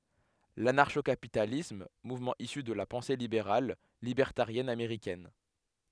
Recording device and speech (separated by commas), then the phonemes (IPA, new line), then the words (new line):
headset microphone, read sentence
lanaʁʃo kapitalism muvmɑ̃ isy də la pɑ̃se libeʁal libɛʁtaʁjɛn ameʁikɛn
L'anarcho-capitalisme, mouvement issu de la pensée libérale, libertarienne américaine.